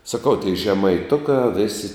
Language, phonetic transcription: Lithuanian, saˈkau tiei žemaiˈtukā ˈvėsi

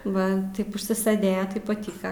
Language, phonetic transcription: Lithuanian, ˈva ˈtaip užsiˈsɘdėja ˈtaip paˈtyka

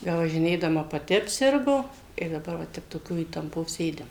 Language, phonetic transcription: Lithuanian, bevažiˈnėdama paˈti apˈsirgo ir daˈbar va ˈtep toˈkio įtamˈpo ˈsėdim

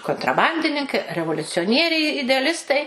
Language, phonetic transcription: Lithuanian, kontraˈbandininkai revoliucioˈnieriai ideaˈlistai

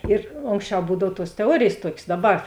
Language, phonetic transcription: Lithuanian, ir ˈonksˌčiau ˈbūdav tuos teˈuorėjės ˈtuokės ˈdaˌbar

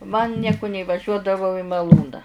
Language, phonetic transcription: Lithuanian, man ˈnieku neįvaˈžiuodavau i maˈlūna

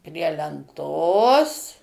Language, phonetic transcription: Lithuanian, prie lenˈtos

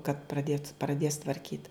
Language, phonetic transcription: Lithuanian, kad praˈdėt praˈdės tvarˈkyt

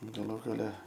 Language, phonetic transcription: Lithuanian, gaˈlų gaˈle

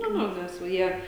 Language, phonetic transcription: Lithuanian, ˈnu ˈnu nes ˈva ˈjie

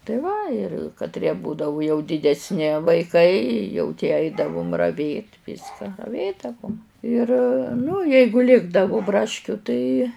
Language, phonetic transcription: Lithuanian, tai ˈva ir katˈrie ˈbūdavu jau didesˈni vaiˈkai jau tie ˈaidavum ravėt' ˈvyska raˈvėdavum ir ˈnu ˈjeigu ˈlikdavu ˈbraškiu tai

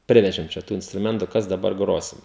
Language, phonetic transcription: Lithuanian, ˈprivežim čia ˈtų instruˈmentu ˈkas daˈbar ˈgrosim

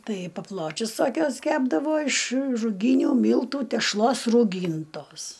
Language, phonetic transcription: Lithuanian, ˈtai paˈpločius toˈkiuos ˈkepdavo iš ruˈgynių ˈmyltų tešˈlos rūˈgyntos

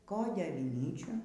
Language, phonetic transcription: Lithuanian, ˈkodė aviˈnyčių

